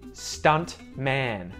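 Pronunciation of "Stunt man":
In 'stunt man', the T after the N is pronounced, not muted.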